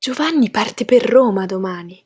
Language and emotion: Italian, surprised